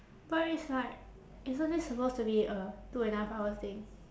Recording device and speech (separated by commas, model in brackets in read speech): standing microphone, conversation in separate rooms